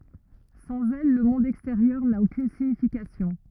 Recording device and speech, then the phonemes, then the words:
rigid in-ear microphone, read sentence
sɑ̃z ɛl lə mɔ̃d ɛksteʁjœʁ na okyn siɲifikasjɔ̃
Sans elles, le monde extérieur n'a aucune signification.

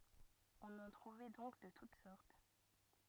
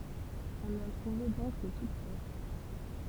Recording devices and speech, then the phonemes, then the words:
rigid in-ear microphone, temple vibration pickup, read sentence
ɔ̃n ɑ̃ tʁuvɛ dɔ̃k də tut sɔʁt
On en trouvait donc de toutes sortes.

